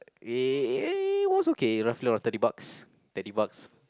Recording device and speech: close-talking microphone, conversation in the same room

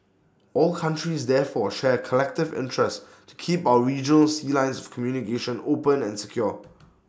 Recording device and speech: standing microphone (AKG C214), read sentence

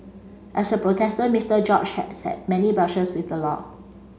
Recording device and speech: mobile phone (Samsung C5), read sentence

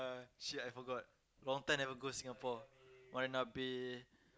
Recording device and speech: close-talking microphone, conversation in the same room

